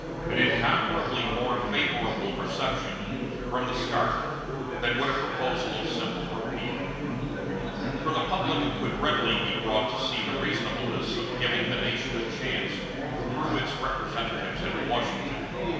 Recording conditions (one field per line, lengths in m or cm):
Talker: one person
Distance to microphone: 1.7 m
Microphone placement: close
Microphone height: 1.0 m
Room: very reverberant, large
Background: babble